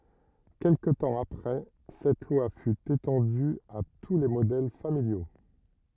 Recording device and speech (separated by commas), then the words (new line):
rigid in-ear microphone, read sentence
Quelque temps après cette loi fut étendue à tous les modèles familiaux.